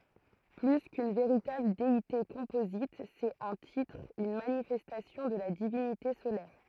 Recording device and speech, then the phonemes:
throat microphone, read sentence
ply kyn veʁitabl deite kɔ̃pozit sɛt œ̃ titʁ yn manifɛstasjɔ̃ də la divinite solɛʁ

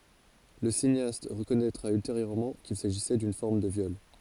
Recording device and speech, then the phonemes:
forehead accelerometer, read sentence
lə sineast ʁəkɔnɛtʁa ylteʁjøʁmɑ̃ kil saʒisɛ dyn fɔʁm də vjɔl

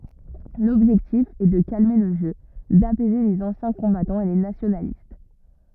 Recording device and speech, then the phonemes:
rigid in-ear microphone, read sentence
lɔbʒɛktif ɛ də kalme lə ʒø dapɛze lez ɑ̃sjɛ̃ kɔ̃batɑ̃z e le nasjonalist

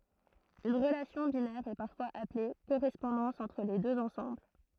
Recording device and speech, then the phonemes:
throat microphone, read sentence
yn ʁəlasjɔ̃ binɛʁ ɛ paʁfwaz aple koʁɛspɔ̃dɑ̃s ɑ̃tʁ le døz ɑ̃sɑ̃bl

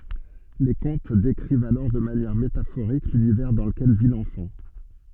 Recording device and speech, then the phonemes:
soft in-ear microphone, read sentence
le kɔ̃t dekʁivt alɔʁ də manjɛʁ metafoʁik lynivɛʁ dɑ̃ ləkɛl vi lɑ̃fɑ̃

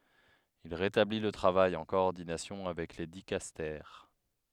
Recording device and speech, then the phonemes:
headset microphone, read sentence
il ʁetabli lə tʁavaj ɑ̃ kɔɔʁdinasjɔ̃ avɛk le dikastɛʁ

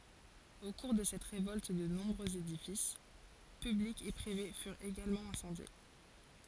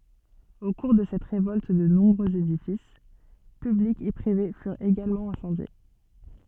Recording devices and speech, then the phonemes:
forehead accelerometer, soft in-ear microphone, read sentence
o kuʁ də sɛt ʁevɔlt də nɔ̃bʁøz edifis pyblikz e pʁive fyʁt eɡalmɑ̃ ɛ̃sɑ̃dje

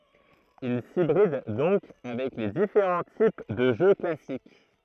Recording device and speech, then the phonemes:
throat microphone, read sentence
il sibʁid dɔ̃k avɛk le difeʁɑ̃ tip də ʒø klasik

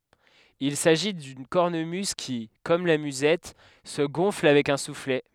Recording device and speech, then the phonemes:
headset microphone, read sentence
il saʒi dyn kɔʁnəmyz ki kɔm la myzɛt sə ɡɔ̃fl avɛk œ̃ suflɛ

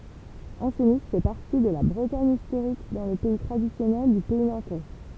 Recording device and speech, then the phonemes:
temple vibration pickup, read sentence
ɑ̃sni fɛ paʁti də la bʁətaɲ istoʁik dɑ̃ lə pɛi tʁadisjɔnɛl dy pɛi nɑ̃tɛ

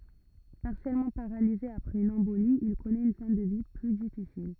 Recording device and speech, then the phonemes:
rigid in-ear microphone, read sentence
paʁsjɛlmɑ̃ paʁalize apʁɛz yn ɑ̃boli il kɔnɛt yn fɛ̃ də vi ply difisil

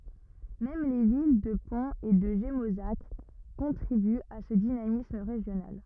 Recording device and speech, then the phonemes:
rigid in-ear microphone, read sentence
mɛm le vil də pɔ̃z e də ʒemozak kɔ̃tʁibyt a sə dinamism ʁeʒjonal

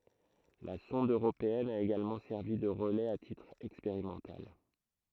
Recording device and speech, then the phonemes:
throat microphone, read sentence
la sɔ̃d øʁopeɛn a eɡalmɑ̃ sɛʁvi də ʁəlɛz a titʁ ɛkspeʁimɑ̃tal

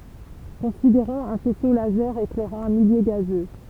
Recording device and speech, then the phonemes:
temple vibration pickup, read sentence
kɔ̃sideʁɔ̃z œ̃ fɛso lazɛʁ eklɛʁɑ̃ œ̃ miljø ɡazø

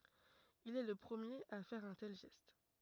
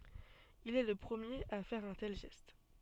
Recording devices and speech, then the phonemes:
rigid in-ear microphone, soft in-ear microphone, read sentence
il ɛ lə pʁəmjeʁ a fɛʁ œ̃ tɛl ʒɛst

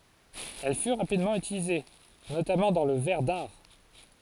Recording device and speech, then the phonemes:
forehead accelerometer, read sentence
ɛl fy ʁapidmɑ̃ ytilize notamɑ̃ dɑ̃ lə vɛʁ daʁ

